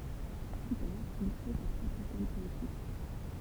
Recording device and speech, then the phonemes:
temple vibration pickup, read sentence
ply taʁ il kʁe sa pʁɔpʁ ekɔl pɔetik

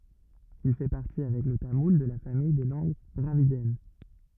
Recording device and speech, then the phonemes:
rigid in-ear microphone, read sentence
il fɛ paʁti avɛk lə tamul də la famij de lɑ̃ɡ dʁavidjɛn

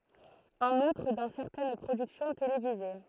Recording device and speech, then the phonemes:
throat microphone, read sentence
ɑ̃n utʁ dɑ̃ sɛʁtɛn pʁodyksjɔ̃ televize

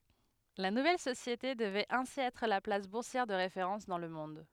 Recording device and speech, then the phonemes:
headset microphone, read sentence
la nuvɛl sosjete dəvɛt ɛ̃si ɛtʁ la plas buʁsjɛʁ də ʁefeʁɑ̃s dɑ̃ lə mɔ̃d

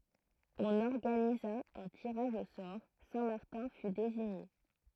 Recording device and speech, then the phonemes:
throat microphone, read sentence
ɔ̃n ɔʁɡaniza œ̃ tiʁaʒ o sɔʁ sɛ̃ maʁtɛ̃ fy deziɲe

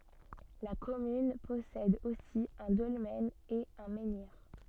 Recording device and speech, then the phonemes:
soft in-ear microphone, read sentence
la kɔmyn pɔsɛd osi œ̃ dɔlmɛn e œ̃ mɑ̃niʁ

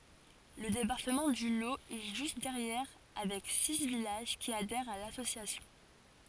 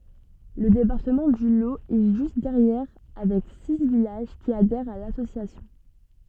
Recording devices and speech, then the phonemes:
forehead accelerometer, soft in-ear microphone, read sentence
lə depaʁtəmɑ̃ dy lo ɛ ʒyst dɛʁjɛʁ avɛk si vilaʒ ki adɛʁt a lasosjasjɔ̃

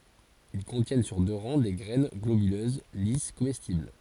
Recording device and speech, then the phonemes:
forehead accelerometer, read sentence
il kɔ̃tjɛn syʁ dø ʁɑ̃ de ɡʁɛn ɡlobyløz lis komɛstibl

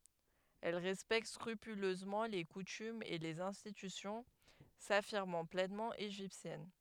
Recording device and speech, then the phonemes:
headset microphone, read sentence
ɛl ʁɛspɛkt skʁypyløzmɑ̃ le kutymz e lez ɛ̃stitysjɔ̃ safiʁmɑ̃ plɛnmɑ̃ eʒiptjɛn

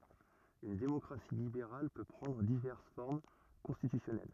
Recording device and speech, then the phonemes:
rigid in-ear microphone, read sentence
yn demɔkʁasi libeʁal pø pʁɑ̃dʁ divɛʁs fɔʁm kɔ̃stitysjɔnɛl

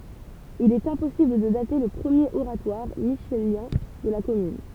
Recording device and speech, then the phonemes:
temple vibration pickup, read sentence
il ɛt ɛ̃pɔsibl də date lə pʁəmjeʁ oʁatwaʁ miʃeljɛ̃ də la kɔmyn

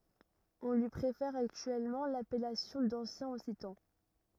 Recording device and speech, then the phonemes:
rigid in-ear microphone, read sentence
ɔ̃ lyi pʁefɛʁ aktyɛlmɑ̃ lapɛlasjɔ̃ dɑ̃sjɛ̃ ɔksitɑ̃

